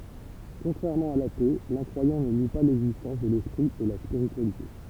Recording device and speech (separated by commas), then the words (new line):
temple vibration pickup, read sentence
Contrairement à l'athée, l'incroyant ne nie pas l'existence de l'esprit et la spiritualité.